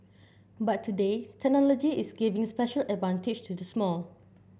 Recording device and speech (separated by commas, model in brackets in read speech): boundary microphone (BM630), read sentence